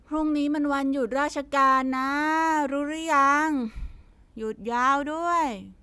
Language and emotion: Thai, frustrated